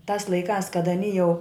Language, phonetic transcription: Lithuanian, tās laiˈkās kad aˈny jau

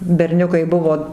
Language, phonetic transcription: Lithuanian, berˈniukai ˈbuvo

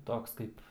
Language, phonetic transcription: Lithuanian, ˈtoks kaip

